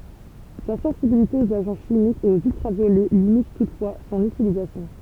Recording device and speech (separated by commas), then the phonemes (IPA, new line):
temple vibration pickup, read sentence
sa sɑ̃sibilite oz aʒɑ̃ ʃimikz e oz yltʁavjolɛ limit tutfwa sɔ̃n ytilizasjɔ̃